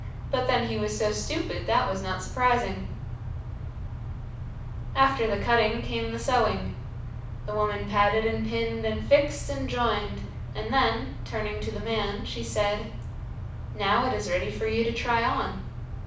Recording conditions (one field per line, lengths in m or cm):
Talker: one person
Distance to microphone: 5.8 m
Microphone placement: far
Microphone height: 1.8 m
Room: medium-sized (5.7 m by 4.0 m)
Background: none